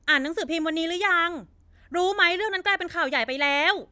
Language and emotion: Thai, angry